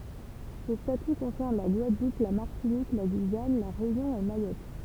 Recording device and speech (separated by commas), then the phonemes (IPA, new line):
temple vibration pickup, read sentence
sə staty kɔ̃sɛʁn la ɡwadlup la maʁtinik la ɡyijan la ʁeynjɔ̃ e majɔt